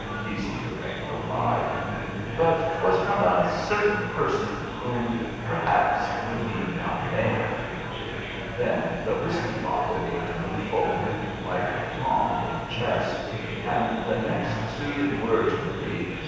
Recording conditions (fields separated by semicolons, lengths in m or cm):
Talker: one person; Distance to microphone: 7.1 m; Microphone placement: far; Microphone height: 1.7 m; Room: very reverberant, large; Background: babble